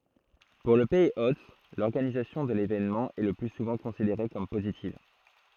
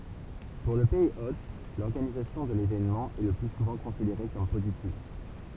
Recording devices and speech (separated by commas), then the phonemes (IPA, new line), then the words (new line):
throat microphone, temple vibration pickup, read sentence
puʁ lə pɛiz ot lɔʁɡanizasjɔ̃ də levenmɑ̃ ɛ lə ply suvɑ̃ kɔ̃sideʁe kɔm pozitiv
Pour le pays hôte, l’organisation de l’événement est le plus souvent considérée comme positive.